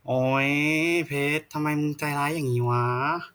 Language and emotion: Thai, frustrated